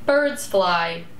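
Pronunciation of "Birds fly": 'Birds fly' is said with two stresses, and the voice goes down.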